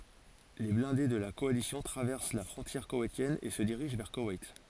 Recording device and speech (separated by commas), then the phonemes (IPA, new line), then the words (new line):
forehead accelerometer, read sentence
le blɛ̃de də la kɔalisjɔ̃ tʁavɛʁs la fʁɔ̃tjɛʁ kowɛjtjɛn e sə diʁiʒ vɛʁ kowɛjt
Les blindés de la Coalition traversent la frontière koweïtienne et se dirigent vers Koweït.